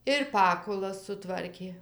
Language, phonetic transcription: Lithuanian, ir ˈpakulas suˈtvarkė

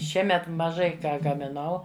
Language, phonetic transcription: Lithuanian, ˈšiemet maˈžai ˈką gamiˈnau

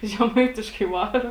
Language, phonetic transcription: Lithuanian, žeˈmaitiškai ˈvara

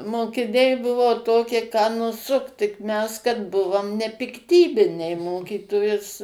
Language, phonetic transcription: Lithuanian, mokiˈniai ˈbuvo ˈtokie ką nuˈsukt tik mes kad ˈbuvom nepikˈtybiniai ˈmokytojus

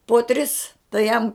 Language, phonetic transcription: Lithuanian, po ˈtris tai ˈjam

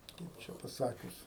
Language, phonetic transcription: Lithuanian, ˈkaip čia paˈsakius

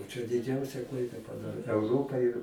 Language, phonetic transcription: Lithuanian, čia diˈdžiausia ˈklaida paˈdarė euˈropa ir

